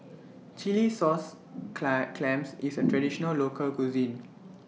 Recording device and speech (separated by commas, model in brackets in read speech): mobile phone (iPhone 6), read sentence